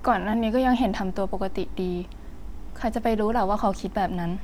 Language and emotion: Thai, frustrated